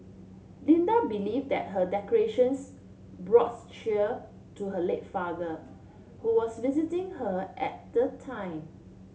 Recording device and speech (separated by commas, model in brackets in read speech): mobile phone (Samsung C7), read sentence